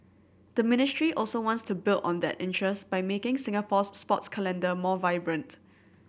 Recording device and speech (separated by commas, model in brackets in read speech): boundary microphone (BM630), read sentence